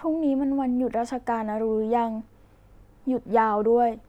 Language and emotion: Thai, neutral